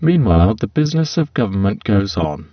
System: VC, spectral filtering